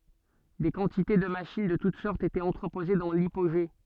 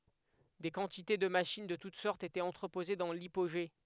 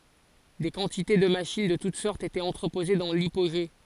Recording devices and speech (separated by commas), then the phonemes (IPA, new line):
soft in-ear microphone, headset microphone, forehead accelerometer, read sentence
de kɑ̃tite də maʃin də tut sɔʁtz etɛt ɑ̃tʁəpoze dɑ̃ lipoʒe